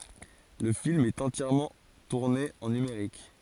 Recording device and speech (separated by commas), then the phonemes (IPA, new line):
forehead accelerometer, read sentence
lə film ɛt ɑ̃tjɛʁmɑ̃ tuʁne ɑ̃ nymeʁik